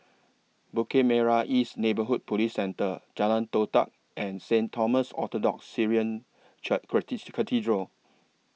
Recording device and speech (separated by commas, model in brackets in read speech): mobile phone (iPhone 6), read sentence